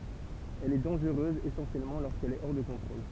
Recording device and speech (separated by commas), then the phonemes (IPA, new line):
temple vibration pickup, read sentence
ɛl ɛ dɑ̃ʒʁøz esɑ̃sjɛlmɑ̃ loʁskɛl ɛ ɔʁ də kɔ̃tʁol